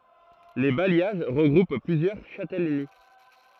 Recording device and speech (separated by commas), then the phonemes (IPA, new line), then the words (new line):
throat microphone, read sentence
le bajjaʒ ʁəɡʁup plyzjœʁ ʃatɛləni
Les bailliages regroupent plusieurs châtellenies.